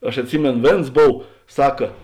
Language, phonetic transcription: Lithuanian, aš atˈsimėno ˈvėns ˈbov ˈsaka

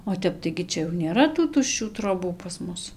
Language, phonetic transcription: Lithuanian, o ˈtep tai gi ˈčia jau nėˈra tų tušˈčių troˈbų pas ˈmus

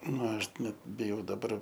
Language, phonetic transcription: Lithuanian, ˈna ˈaš ˈnet biˈjau daˈbar

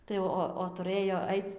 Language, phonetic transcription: Lithuanian, ˈtai ˈo o tuˈrɘjo ˈaic

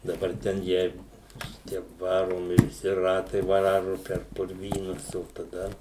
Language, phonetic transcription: Lithuanian, daˈbar ˈten ˈjeigu ˈšitie ˈvaromi viˈsi ˈratai ˈvaru per purˈvynus o taˈda

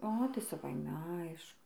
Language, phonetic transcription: Lithuanian, ˈo tai saˈvaime ˈaišku

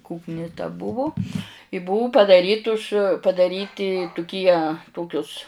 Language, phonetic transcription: Lithuanian, ˈkukni ta ˈbuvu i ˈbuu padaˈrytus padaˈryti tuˈkie ˈtokius

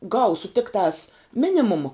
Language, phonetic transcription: Lithuanian, ˈgausu ˈtiktās ˈminimuma

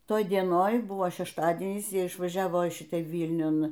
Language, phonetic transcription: Lithuanian, ˈtoj dieˈnoj ˈbuvo šešˈtadienys ˈjie išvaˈžiavo į ˈšitą ˈvylniun

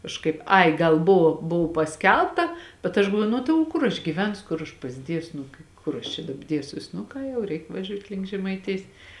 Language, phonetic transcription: Lithuanian, kažˈkaip ˈai ˈgal ˈbuvo ˈbuv paˈskelbta bet aš galˈvuoju ˈnu tai o ˈkur aš gyˈvensu ˈkur aš pasˈdiesu ˈnu ki ˈkur aš čia ˈdaba ˈdiesiuos nu ˈką jau ˈreik vaˈžiūt' link žemaiˈtijs

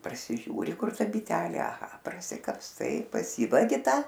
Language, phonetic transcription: Lithuanian, prasiˈžiūri ˈkur ˈta biˈtelė aˈha prasikapsˈtai paˈsyvagi ˈta

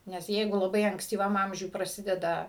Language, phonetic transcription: Lithuanian, nes ˈjeigu laˈbai ankstyˈvam ˈamžiuj praˈsideda

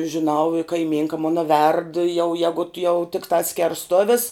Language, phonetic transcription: Lithuanian, žiˈnau i kaiˈmynka ˈmona verd jau ˈjegut jau tikˈtā skersˈtovis

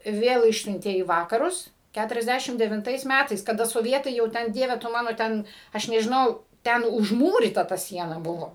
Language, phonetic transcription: Lithuanian, ˈvėl ˈišsiuntė į ˈvakarus ˈkæturiasˈdæšim devinˈtais ˈmætais kaˈda soˈvietai jau ˈten ˈdieve tu ˈmano ˈten ˈaš nežiˈnau ˈten užˈmūryta ta ˈsiena ˈbuvo

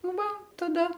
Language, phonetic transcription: Lithuanian, ˈva taˈda

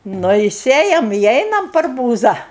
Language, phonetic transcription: Lithuanian, ˈnu i ˈsėjam i ˈeinam per ˈbūza

